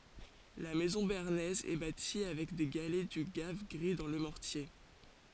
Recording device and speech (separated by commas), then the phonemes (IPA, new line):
forehead accelerometer, read sentence
la mɛzɔ̃ beaʁnɛz ɛ bati avɛk de ɡalɛ dy ɡav ɡʁi dɑ̃ lə mɔʁtje